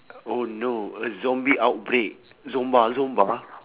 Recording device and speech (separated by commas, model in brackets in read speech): telephone, conversation in separate rooms